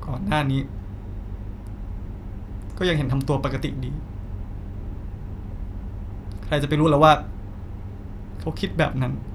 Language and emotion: Thai, sad